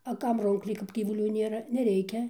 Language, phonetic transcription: Lithuanian, a ˈkam ˈrūnkliai kap gyvuˈlių ˈnėra neˈreikia

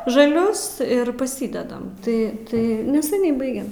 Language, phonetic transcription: Lithuanian, žaˈlius ir paˈsydedam ˈtai ˈtai neseˈniai ˈbaigem

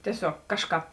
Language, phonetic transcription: Lithuanian, tieˈsiog ˈkažˌkāp

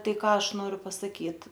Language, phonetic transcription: Lithuanian, ˈtai ˈką ˈaš ˈnoriu pasaˈkyt

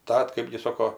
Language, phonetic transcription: Lithuanian, ˈtat ˈkɜpgi ˈsoko

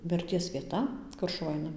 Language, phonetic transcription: Lithuanian, mirˈties vieˈta ˈkur šuˈva ˈaina

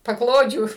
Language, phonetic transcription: Lithuanian, paˈklodžių

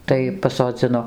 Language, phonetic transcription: Lithuanian, ˈtai pasoˈdzino

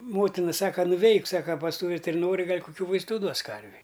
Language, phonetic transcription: Lithuanian, ˈmotina ˈsaka nuˈveik ˈsaka pas ˈtų vitirinori ˈgal' kuˈkių vaisˈtų ˈduos ˈkarvei

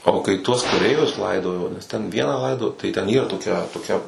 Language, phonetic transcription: Lithuanian, o kai ˈtuos kaˈreivius ˈlaidojo nes ten ˈvieną ˈlaidojo tai ten ˈyra toˈkia toˈkia

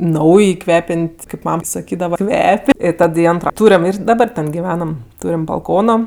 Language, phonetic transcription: Lithuanian, ˈnauj ˈkvepen't' kaip ˈmam saˈkydava ˈkvep' i ˈtad i ˈantro ˈtūrem ir daˈdabar ˈten giˈvenam ˈtūrim balˈkono

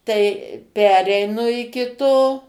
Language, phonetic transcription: Lithuanian, ˈtai ˈpereinu iki ˈto

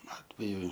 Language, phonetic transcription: Lithuanian, ˈatveju

